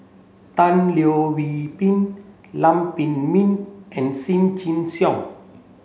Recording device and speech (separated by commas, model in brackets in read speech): mobile phone (Samsung C7), read sentence